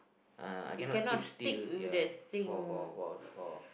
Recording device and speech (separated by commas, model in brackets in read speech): boundary microphone, conversation in the same room